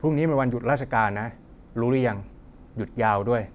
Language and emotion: Thai, neutral